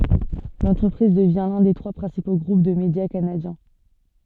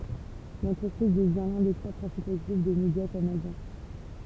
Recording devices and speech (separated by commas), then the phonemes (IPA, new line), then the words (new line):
soft in-ear microphone, temple vibration pickup, read sentence
lɑ̃tʁəpʁiz dəvjɛ̃ lœ̃ de tʁwa pʁɛ̃sipo ɡʁup də medja kanadjɛ̃
L'entreprise devient l'un des trois principaux groupes de médias canadiens.